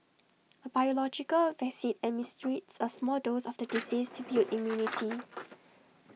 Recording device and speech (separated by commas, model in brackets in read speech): mobile phone (iPhone 6), read sentence